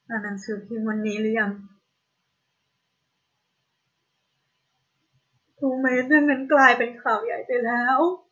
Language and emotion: Thai, sad